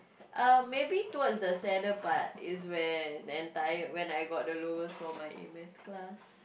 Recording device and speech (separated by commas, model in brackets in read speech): boundary microphone, conversation in the same room